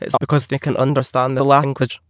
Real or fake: fake